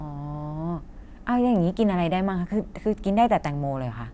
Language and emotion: Thai, neutral